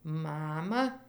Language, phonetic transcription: Lithuanian, ˈmama

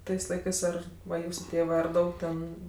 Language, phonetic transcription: Lithuanian, ˈtais ˈlaikɜs ˈar va ˈjūsu ˈtėvɜ ar ˈdaug ten

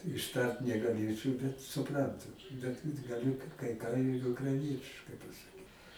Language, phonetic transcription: Lithuanian, išˈtart negaˈlėčau bet suˈprantu bet gaˈliu kai kai ką ir ukraiˈnietiškai pasaˈkyt

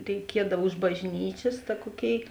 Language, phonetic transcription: Lithuanian, reiˈkiedav už bažˈnyčės ta ˈkuoˌkėi

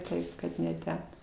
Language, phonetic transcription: Lithuanian, ˈtaip kad ne ˈten

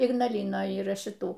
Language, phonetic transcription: Lithuanian, ignaˈlinoj yˈra šiˈtų

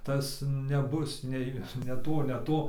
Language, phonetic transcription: Lithuanian, ˈtas neˈbus ˈnei ne ˈto ne ˈto

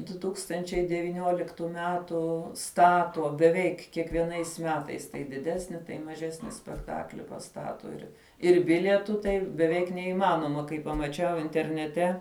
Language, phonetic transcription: Lithuanian, duˈ tūkstančiai devyˈniuoliktu ˈmetu ˈstatuo beˈveik kiekvieˈnais ˈmetais tai diˈdesni tai maˈžesni spekˈtakli paˈstato ir ir ˈbilietu ˈtai beˈveik neįˈmanoma kai pamaˈčiau interneˈte

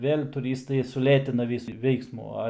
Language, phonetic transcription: Lithuanian, ˈvėl' tuˈrystai suˈlėtina ˈvysu ˈveiksmu ˈa

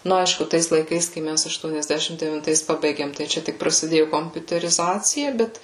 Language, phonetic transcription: Lithuanian, ˈnu ˈaišku ˈtais laiˈkais kai ˈmæs aštuoniasˈdešim devinˈtais ˈpabaigėm tai ˈčia tik prasiˈdėju kompiuteriˈzacija ˈbet

